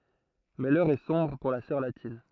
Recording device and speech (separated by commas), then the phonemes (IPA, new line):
throat microphone, read sentence
mɛ lœʁ ɛ sɔ̃bʁ puʁ la sœʁ latin